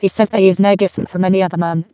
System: VC, vocoder